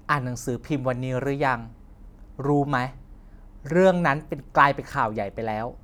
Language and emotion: Thai, frustrated